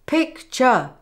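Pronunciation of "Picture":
In 'picture', both vowel sounds are stressed, which is not the usual way to say it.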